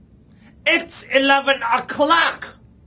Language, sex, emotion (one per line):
English
male
angry